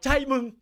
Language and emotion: Thai, happy